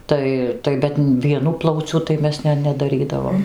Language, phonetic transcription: Lithuanian, ˈtai tai ˈbet vieˈnu ˈplauciu tai ˈmes ˈne nedaˈrydavom

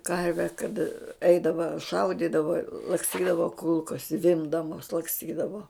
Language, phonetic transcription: Lithuanian, ˈkarve kad ˈeidava ˈšaudydava laksˈtydava ˈkulkos ˈzvimbdamos laksˈtydavo

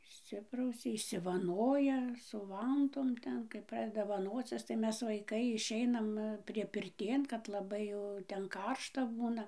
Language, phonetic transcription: Lithuanian, išˈsiprausia išsivaˈnoja su ˈvantom ˈten kaip ˈpradeda vaˈnocis tai ˈmes vaiˈkai išˈeinam priepirˈtėn kad laˈbai jau ˈten ˈkaršta ˈbūna

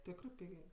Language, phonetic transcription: Lithuanian, ˈtekrɜ ˈpigė

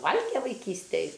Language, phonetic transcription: Lithuanian, ˈvalge vaiˈkystej

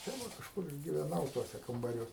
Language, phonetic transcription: Lithuanian, tai ˈva kažˈkur ir giveˈnau ˈtuose kambaˈriuos

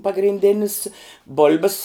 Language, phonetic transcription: Lithuanian, pagrinˈdėnis ˈbol'bis

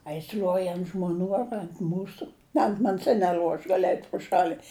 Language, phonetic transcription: Lithuanian, a jis l'uoj ant žmoˈnių ar ant ˈmūsu ant ˈman's' i neˈl'uo aš ˈgali eit' pru ˈšali

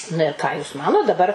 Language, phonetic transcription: Lithuanian, na ir ˈką jūs ˈmanot daˈbar

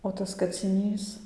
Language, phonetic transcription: Lithuanian, o ˈtas kaciˈnys

